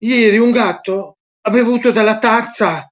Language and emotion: Italian, surprised